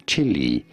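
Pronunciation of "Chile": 'Chile' is pronounced incorrectly here: it sounds like 'chili', as in 'red hot chili peppers'.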